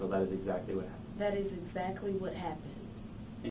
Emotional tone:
neutral